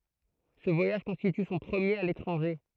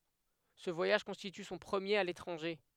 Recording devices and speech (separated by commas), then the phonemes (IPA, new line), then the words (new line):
throat microphone, headset microphone, read sentence
sə vwajaʒ kɔ̃stity sɔ̃ pʁəmjeʁ a letʁɑ̃ʒe
Ce voyage constitue son premier à l’étranger.